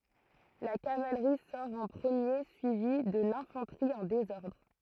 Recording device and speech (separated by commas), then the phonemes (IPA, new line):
throat microphone, read sentence
la kavalʁi sɔʁ ɑ̃ pʁəmje syivi də lɛ̃fɑ̃tʁi ɑ̃ dezɔʁdʁ